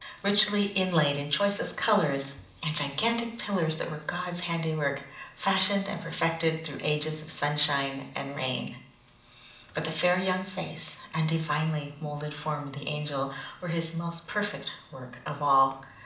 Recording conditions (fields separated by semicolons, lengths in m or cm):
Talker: one person; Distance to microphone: 2.0 m; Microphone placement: close; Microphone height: 99 cm; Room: medium-sized (5.7 m by 4.0 m); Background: none